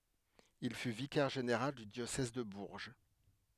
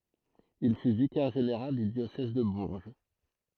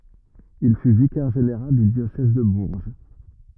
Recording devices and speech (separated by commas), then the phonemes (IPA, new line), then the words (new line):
headset microphone, throat microphone, rigid in-ear microphone, read sentence
il fy vikɛʁ ʒeneʁal dy djosɛz də buʁʒ
Il fut vicaire général du diocèse de Bourges.